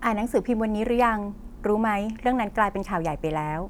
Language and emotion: Thai, neutral